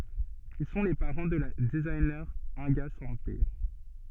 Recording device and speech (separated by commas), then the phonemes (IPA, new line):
soft in-ear microphone, read sentence
il sɔ̃ le paʁɑ̃ də la dəziɲe ɛ̃ɡa sɑ̃pe